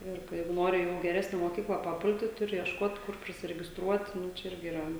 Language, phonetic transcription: Lithuanian, ˈir ka ˈjeigu ˈnori jau i geˈresne moˈkykla paˈpulti ˈturi iešˈkot ˈkur prisiregisˈtruot ˈnu čia ˈirgi yˈra

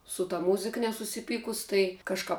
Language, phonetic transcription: Lithuanian, su ta ˈmūzik nesusiˈpykus ˈtai kažˈkap

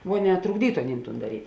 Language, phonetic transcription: Lithuanian, ˈvo ˈne trukˈdytu aˈnym tūn daˈryt'

